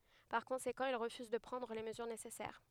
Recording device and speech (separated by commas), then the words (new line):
headset microphone, read sentence
Par conséquent, il refuse de prendre les mesures nécessaires.